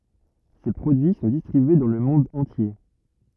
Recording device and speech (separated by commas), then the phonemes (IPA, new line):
rigid in-ear microphone, read sentence
se pʁodyi sɔ̃ distʁibye dɑ̃ lə mɔ̃d ɑ̃tje